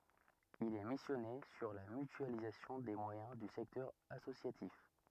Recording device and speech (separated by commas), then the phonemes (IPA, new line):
rigid in-ear microphone, read sentence
il ɛ misjɔne syʁ la mytyalizasjɔ̃ de mwajɛ̃ dy sɛktœʁ asosjatif